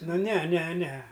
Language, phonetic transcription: Lithuanian, ˈnu ˈne ˈne ˈne

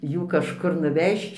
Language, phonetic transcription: Lithuanian, ˈjų kažˈkur nuˈvežč

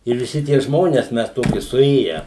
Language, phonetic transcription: Lithuanian, ir viˈsi tie ˈžmones ˈmes ˈtoki suˈėję

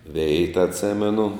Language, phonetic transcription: Lithuanian, ˈveita atˈsimenu

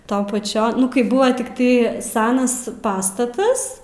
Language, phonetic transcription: Lithuanian, ˈtaun paˈčian ˈnu kai ˈbuva tikˈtai ˈsenas ˈpastatas

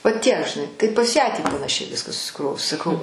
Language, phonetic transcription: Lithuanian, vaˈtiek žiˈnai ˈtai pas ˈją tį panaˈšiai ˈviską susiˈkrovus saˈkau

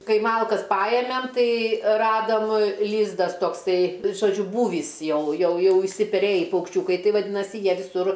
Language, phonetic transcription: Lithuanian, ˈkai ˈmalkas ˈpajemem ˈtai ˈradam ˈlyzdas tokˈsai žoˈdžiu ˈbūvįs ˈjau ˈjau ˈjau išsipeˈrėjį paukšˈčiūkai ˈtai vaˈdynasi ˈjie viˈsur

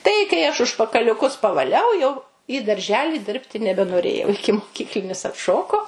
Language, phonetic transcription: Lithuanian, ˈtai kai aš užpakaliuˈkus pavaˈliau jau į darˈželi ˈdirbti nebenoˈrėjau ikimoˈkyklinis atˈšoko

